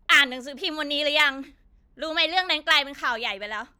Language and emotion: Thai, angry